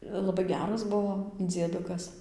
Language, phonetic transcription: Lithuanian, laˈbai ˈgeras ˈbuvo dzieˈdukas

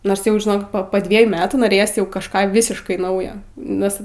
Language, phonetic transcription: Lithuanian, nors ˈjau žiˈnok po ˈdviejų ˈmetų noˈrėjos jau kažˈką ˈvisiškai ˈnaujo ˈnes

